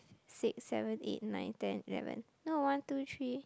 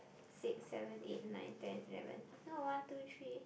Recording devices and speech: close-talking microphone, boundary microphone, conversation in the same room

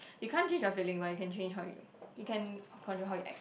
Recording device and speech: boundary microphone, conversation in the same room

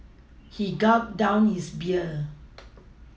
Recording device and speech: mobile phone (iPhone 6), read sentence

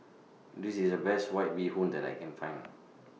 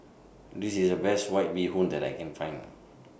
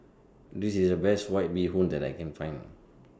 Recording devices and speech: mobile phone (iPhone 6), boundary microphone (BM630), standing microphone (AKG C214), read sentence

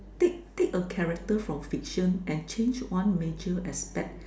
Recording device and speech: standing microphone, conversation in separate rooms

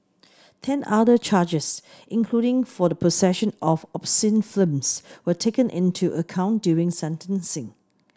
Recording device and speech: standing microphone (AKG C214), read sentence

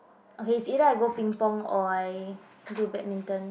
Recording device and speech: boundary microphone, conversation in the same room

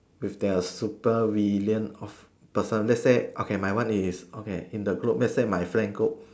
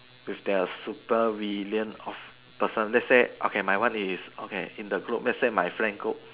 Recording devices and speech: standing microphone, telephone, conversation in separate rooms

